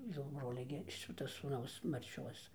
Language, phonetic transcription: Lithuanian, jau ˈbrolia gi ˈšita sūˈnaus ˈmarčios

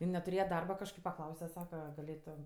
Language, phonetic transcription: Lithuanian, in netuˈrėje ˈdarba kažˈkaip paˈklause ˈsaka gaˈlėtom

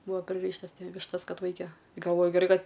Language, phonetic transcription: Lithuanian, ˈbuvo priˈryštas ˈvištas ˈkad ˈvaike galˈvoju geˈrai ˈkad

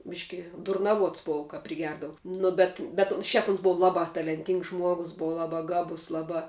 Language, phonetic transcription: Lithuanian, ˈbiški durnaˈvuots ˈbova kap priˈgerdavu ˈnu bet bet un ˈšiap uns ˈbuva ˈlaba talenˈtyngs ˈžmuogus ˈbuva ˈlaba ˈgabus ˈlaba

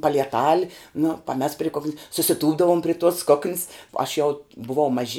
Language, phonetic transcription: Lithuanian, palieˈtal' nu paˈmes pri ˈkok'n's' susiˈtūpdavum pri tuos ˈkok'n's aš ˈjau buˈvau maˈži

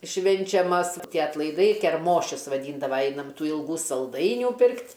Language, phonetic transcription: Lithuanian, ˈšvinčiamas ˈtie atlaiˈdai kerˈmošius vaˈdyndava ˈeinam ˈtų ilˈgų salˈdainių ˈpirkt'

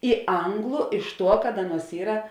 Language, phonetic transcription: Lithuanian, i ˈanglu iš ˈtuo kad ˈaˌnuos ˈyra

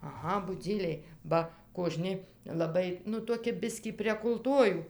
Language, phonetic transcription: Lithuanian, aˈha buˈdzyliai ˈba koˈžni laˈbai nu toˈki ˈbiskį prieg ulˈtuojų

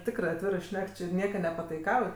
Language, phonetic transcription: Lithuanian, ˈtikrɜ atˈvirɜ ˈšnek či ˈnieka nepataiˈkauj

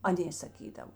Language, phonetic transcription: Lithuanian, aˈnė saˈkydav

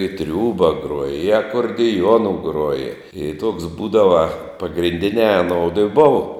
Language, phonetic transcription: Lithuanian, i ˈtriūba ˈgruoja i akordiˈjuonu ˈgruoja i tuoks ˈbūdava pagrinˈdiniā aˈnoudu i ˈbuvo

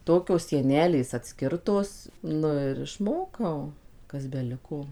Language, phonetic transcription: Lithuanian, ˈtokios sieˈnelės atˈskirtos ˈnu ir išˈmokau kas beˈliko

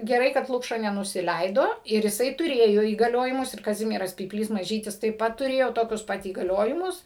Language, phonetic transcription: Lithuanian, geˈrai kad ˈlukša nenusiˈleido ir iˈsai tuˈrėjo įgaˈliojimus ir kaˈzimieras pypˈlys maˈžytis taip ˈpat tuˈrėjo ˈtokius ˈpat įgaˈliojimus

